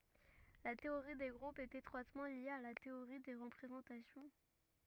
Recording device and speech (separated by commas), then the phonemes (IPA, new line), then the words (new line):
rigid in-ear microphone, read sentence
la teoʁi de ɡʁupz ɛt etʁwatmɑ̃ lje a la teoʁi de ʁəpʁezɑ̃tasjɔ̃
La théorie des groupes est étroitement liée à la théorie des représentations.